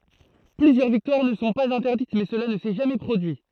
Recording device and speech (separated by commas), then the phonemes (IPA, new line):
throat microphone, read sentence
plyzjœʁ viktwaʁ nə sɔ̃ paz ɛ̃tɛʁdit mɛ səla nə sɛ ʒamɛ pʁodyi